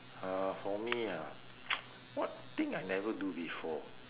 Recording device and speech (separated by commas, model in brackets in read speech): telephone, conversation in separate rooms